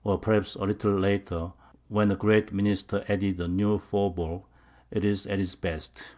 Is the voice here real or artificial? real